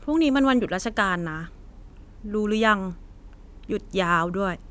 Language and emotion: Thai, frustrated